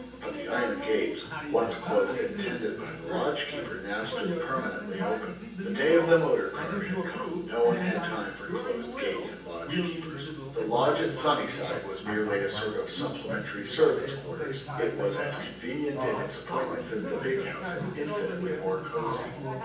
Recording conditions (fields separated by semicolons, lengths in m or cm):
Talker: one person; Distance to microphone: 9.8 m; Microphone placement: far; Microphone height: 1.8 m; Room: large; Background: television